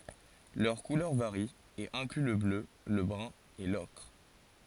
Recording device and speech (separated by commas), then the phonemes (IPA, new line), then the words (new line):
forehead accelerometer, read sentence
lœʁ kulœʁ vaʁi e ɛ̃kly lə blø lə bʁœ̃ e lɔkʁ
Leurs couleurs varient, et incluent le bleu, le brun et l'ocre.